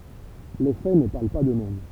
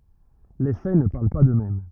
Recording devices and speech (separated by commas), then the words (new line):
temple vibration pickup, rigid in-ear microphone, read sentence
Les faits ne parlent pas d’eux-mêmes.